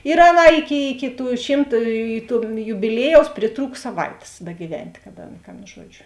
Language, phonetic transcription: Lithuanian, ir ˈaˌnā ˈiˌki iki tų ˈšymt tų jubiˈliejaus priˈtrūk saˈvaitės begyˈvent' kad ˈaˌna ka ˈan ˈžuodžiu

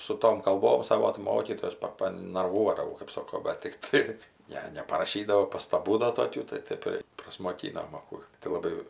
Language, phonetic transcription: Lithuanian, su ˈtom kalˈbom ˈsavo tɜ ˈmokytojas ˈpa panarˈvuodavau kɜp ˈsoko bet tikˈtai ˈne neparaˈšydavo pastaˈbų da toˈkių tai ˈtaip ir prasmoˈkynom a ˈkų tai laˈbai

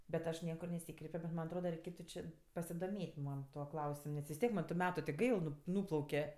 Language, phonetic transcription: Lithuanian, bet ˈaš ˈniekur neˈsykreipio bet ˈman' atˈroda reiˈkėtu či pasidoˈmėt' ˈman ˈtuo ˈklausim nes vis ˈtiek man tu ˈmetu ti ˈgail ˈnu ˈnūplauke

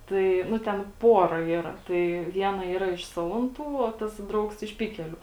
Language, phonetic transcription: Lithuanian, ˈtai ˈnu ten ˈpora ˈyra ˈtai ˈviena ˈyra iš ˈsalanˌtų o ˈtas ˈdraugs iš ˈpikeliu

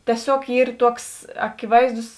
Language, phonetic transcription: Lithuanian, tieˈsiog ˈyr ˈtuoks akiˈvaizdus

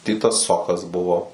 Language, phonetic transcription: Lithuanian, ˈtitas ˈsokas ˈbuvo

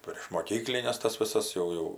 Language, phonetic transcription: Lithuanian, prieš moˈkyklines ˈtas viˈsas ˈjau ˈjau

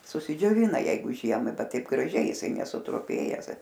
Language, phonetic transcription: Lithuanian, susidžioˈvina ˈjeigu ˈžiemai ˈbet ˈtaip graˈžiai jiˈsai nesutruˈpėjes

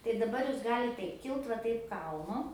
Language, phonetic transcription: Lithuanian, tai daˈbar ˈjūs ˈgalit ˈtaip ˈkilt va ˈtaip ˈkalnu

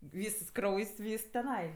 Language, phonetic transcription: Lithuanian, ˈvysas ˈkraujs' ˈvys teˈnai

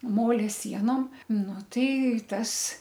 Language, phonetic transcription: Lithuanian, ˈmolia ˈsienom ˈnu ˈtai ˈtas

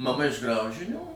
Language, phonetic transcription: Lithuanian, maˈma iš ˈgraužinių

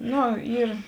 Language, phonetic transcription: Lithuanian, ˈnu ˈyr

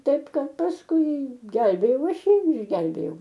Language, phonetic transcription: Lithuanian, ˈtaip ˈkad pasˈkui ˈgelbėjau ˈaš ˈjį ir išˈgelbėjau

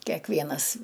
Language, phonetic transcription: Lithuanian, keˈkvienas

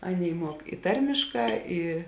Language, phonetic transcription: Lithuanian, ˈaˌnėi ˈmuok i ˈtarmišˌkā ˈi

